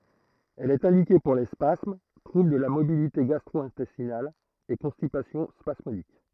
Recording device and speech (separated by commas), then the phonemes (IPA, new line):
throat microphone, read sentence
ɛl ɛt ɛ̃dike puʁ le spasm tʁubl də la motilite ɡastʁwɛ̃tɛstinal e kɔ̃stipasjɔ̃ spasmodik